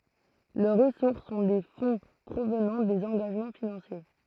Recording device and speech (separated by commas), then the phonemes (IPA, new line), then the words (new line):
throat microphone, read sentence
lœʁ ʁəsuʁs sɔ̃ de fɔ̃ pʁovnɑ̃ dez ɑ̃ɡaʒmɑ̃ finɑ̃sje
Leurs ressources sont des fonds provenant des engagements financiers.